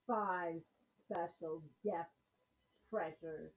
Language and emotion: English, disgusted